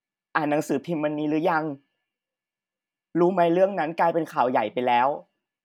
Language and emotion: Thai, neutral